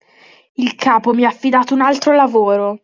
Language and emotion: Italian, angry